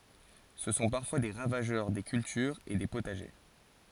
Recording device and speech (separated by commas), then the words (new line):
forehead accelerometer, read sentence
Ce sont parfois des ravageurs des cultures et des potagers.